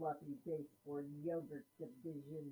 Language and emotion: English, angry